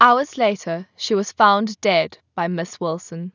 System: none